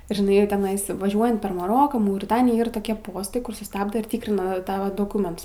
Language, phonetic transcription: Lithuanian, žiˈnai jau teˈnais vaˈžiuojant per maˈroką mauriˈtaniją ˈir toˈkie ˈpostai ˈkur suˈstabda ir ˈtykrina ˈtava doˈkuments

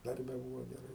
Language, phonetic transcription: Lithuanian, ˈdarbe ˈbūvo geˈrai

